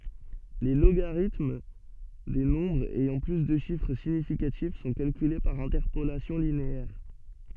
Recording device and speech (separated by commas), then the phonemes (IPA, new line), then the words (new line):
soft in-ear microphone, read sentence
le loɡaʁitm de nɔ̃bʁz ɛjɑ̃ ply də ʃifʁ siɲifikatif sɔ̃ kalkyle paʁ ɛ̃tɛʁpolasjɔ̃ lineɛʁ
Les logarithmes des nombres ayant plus de chiffres significatifs sont calculés par interpolation linéaire.